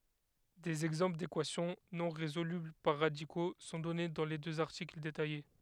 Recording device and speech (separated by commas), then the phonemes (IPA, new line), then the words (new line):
headset microphone, read sentence
dez ɛɡzɑ̃pl dekwasjɔ̃ nɔ̃ ʁezolybl paʁ ʁadiko sɔ̃ dɔne dɑ̃ le døz aʁtikl detaje
Des exemples d'équations non résolubles par radicaux sont donnés dans les deux articles détaillés.